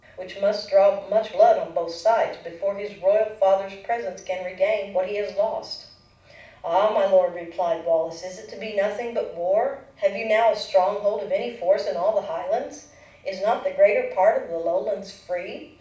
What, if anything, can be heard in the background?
Nothing.